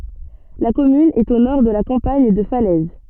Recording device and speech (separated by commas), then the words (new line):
soft in-ear microphone, read sentence
La commune est au nord de la campagne de Falaise.